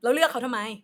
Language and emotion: Thai, angry